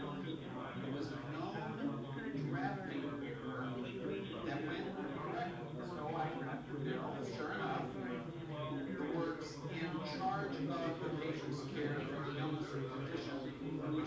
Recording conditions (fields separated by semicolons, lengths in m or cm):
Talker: no one; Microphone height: 1.8 m; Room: medium-sized (5.7 m by 4.0 m); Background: babble